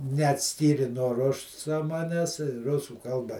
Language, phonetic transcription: Lithuanian, neatˈskyri nuo ˈrusa ˈmanes ˈrusų ˈkalba

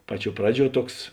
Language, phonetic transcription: Lithuanian, ˈpaˌčiuo ˈpraˌdžiuo ˈtuoks

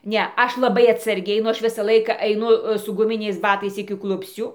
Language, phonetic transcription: Lithuanian, ˈne ˈaš laˈbai atsarˈgiai nu ˈaš ˈvisa ˈlaika aiˈnu su guˈminiais ˈbatais iki ˈklupscių

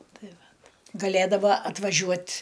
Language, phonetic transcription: Lithuanian, ˈtai ˈvat gaˈlėdava atvaˈžiuot'

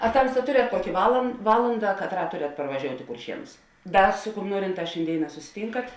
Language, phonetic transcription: Lithuanian, a ˈtamsta ˈturiat ˈkuoki val ˈvalanda katˈrą ˈturiat parvažiout' i kurˈšienus ˈdar su kum ˈnuorinˌtās šėnˈdėiˌnā susiˈtynkat

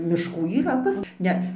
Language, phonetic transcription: Lithuanian, mišˈkų yˈra pas ˈne

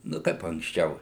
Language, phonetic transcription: Lithuanian, ˈnu ˈkaip anksˈčiau

